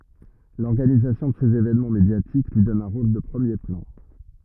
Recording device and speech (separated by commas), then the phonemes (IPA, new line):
rigid in-ear microphone, read sentence
lɔʁɡanizasjɔ̃ də sez evɛnmɑ̃ medjatik lyi dɔn œ̃ ʁol də pʁəmje plɑ̃